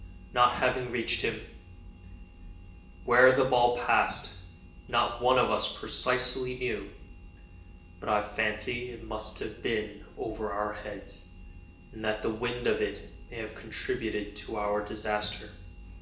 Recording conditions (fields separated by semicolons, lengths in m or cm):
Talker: one person; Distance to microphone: 1.8 m; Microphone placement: close; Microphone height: 1.0 m; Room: large; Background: none